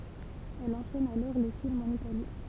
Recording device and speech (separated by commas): temple vibration pickup, read sentence